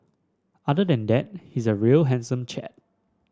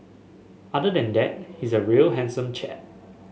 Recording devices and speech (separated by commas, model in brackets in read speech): standing microphone (AKG C214), mobile phone (Samsung S8), read sentence